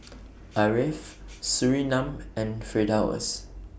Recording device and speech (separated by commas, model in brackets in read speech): boundary microphone (BM630), read sentence